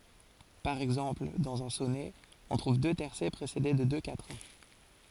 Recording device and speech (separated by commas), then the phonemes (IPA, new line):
forehead accelerometer, read sentence
paʁ ɛɡzɑ̃pl dɑ̃z œ̃ sɔnɛ ɔ̃ tʁuv dø tɛʁsɛ pʁesede də dø katʁɛ̃